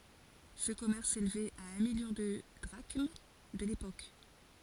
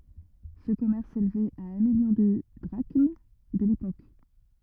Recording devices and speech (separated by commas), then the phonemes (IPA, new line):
forehead accelerometer, rigid in-ear microphone, read sentence
sə kɔmɛʁs selvɛt a œ̃ miljɔ̃ də dʁaʃm də lepok